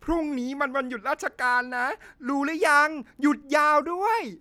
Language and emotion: Thai, happy